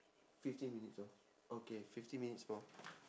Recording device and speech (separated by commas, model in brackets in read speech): standing microphone, conversation in separate rooms